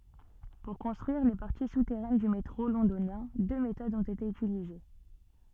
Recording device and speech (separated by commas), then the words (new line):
soft in-ear microphone, read sentence
Pour construire les parties souterraines du métro Londonien, deux méthodes ont été utilisées.